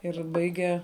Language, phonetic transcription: Lithuanian, ir ˈbaige

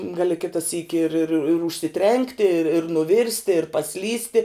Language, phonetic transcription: Lithuanian, ˈgali ˈkita syki ir ir ir ir užsiˈtrenkti ir ir nuˈvirsti ir paˈslysti

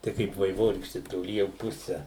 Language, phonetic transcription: Lithuanian, ˈtai kaip vaiˈvorykšti toˈly jau ˈpuse

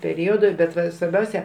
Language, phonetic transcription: Lithuanian, peˈriodu ˈbet ˈva svarˈbiausia

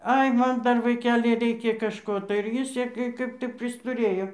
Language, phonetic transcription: Lithuanian, ˈai ˈman ˈdar vaiˈkeli ˈreikia kažˈko tai ir ˈjis ˈsiekė ˈkaip tai pristuˈrėjo

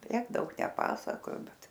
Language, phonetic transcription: Lithuanian, ˈtiek ˈdaug neˈpasakojo ˈbet

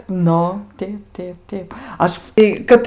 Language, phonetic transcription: Lithuanian, ˈnu ˈteip ˈteip ˈteip ˈaš i ˈkap

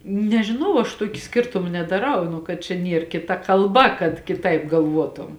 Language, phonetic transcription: Lithuanian, nežiˈnau aš ˈtuoki ˈskirtuma nedaˈrau ˈnu kad čia ˈnier kiˈta kalˈba kad kiˈtaip galˈvuotum

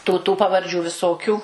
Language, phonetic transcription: Lithuanian, ˈtų tų pavarˈdžių viˈsokių

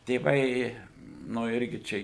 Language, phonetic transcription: Lithuanian, tėˈvai ˈnu ˈirgi ˈčia

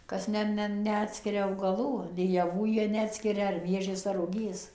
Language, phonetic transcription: Lithuanian, ˈkas ˈne ˈne neˈatskiria augaˈlų nei jaˈvų ˈjie neˈatskiria ar ˈmiežis ar ruˈgys

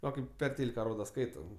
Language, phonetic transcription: Lithuanian, ˈva kaip per ˈtėlika ˈroda ˈskaita

